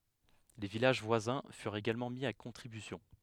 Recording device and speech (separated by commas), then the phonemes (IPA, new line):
headset microphone, read sentence
le vilaʒ vwazɛ̃ fyʁt eɡalmɑ̃ mi a kɔ̃tʁibysjɔ̃